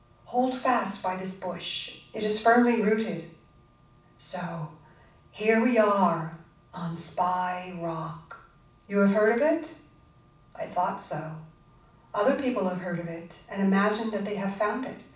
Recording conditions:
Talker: one person; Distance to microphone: 5.8 m; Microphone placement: far; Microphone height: 1.8 m; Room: medium-sized (5.7 m by 4.0 m); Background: none

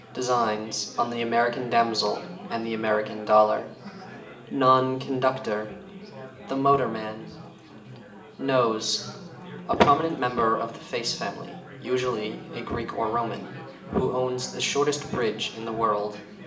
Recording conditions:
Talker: one person; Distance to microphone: 1.8 m; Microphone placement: close; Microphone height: 1.0 m; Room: large; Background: babble

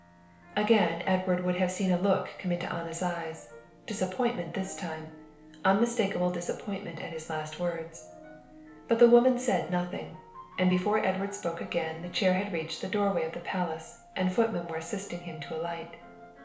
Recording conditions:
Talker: one person; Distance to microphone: 1.0 m; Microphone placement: close; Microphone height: 1.1 m; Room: small (3.7 m by 2.7 m); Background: music

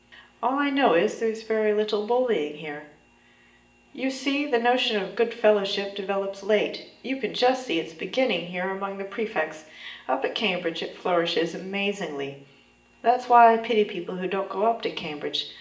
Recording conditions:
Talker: one person; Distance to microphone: 1.8 m; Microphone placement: close; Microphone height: 1.0 m; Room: large; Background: none

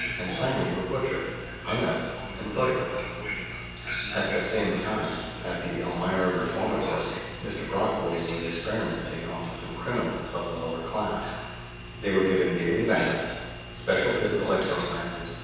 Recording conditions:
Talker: one person; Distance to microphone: 7.1 m; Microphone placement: far; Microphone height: 1.7 m; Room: very reverberant, large; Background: television

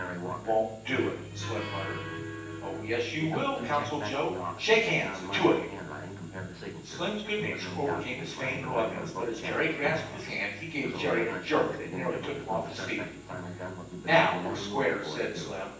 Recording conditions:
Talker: one person; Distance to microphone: 9.8 m; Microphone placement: far; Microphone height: 1.8 m; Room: large; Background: television

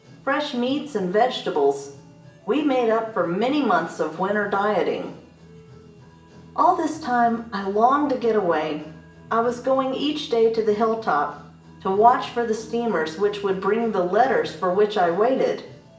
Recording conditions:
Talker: one person; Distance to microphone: 1.8 m; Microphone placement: close; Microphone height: 1.0 m; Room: large; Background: music

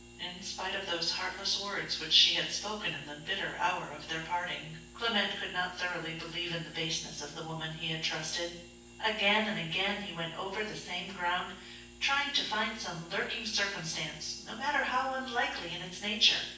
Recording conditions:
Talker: one person; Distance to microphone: 9.8 m; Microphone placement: far; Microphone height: 1.8 m; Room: large; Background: none

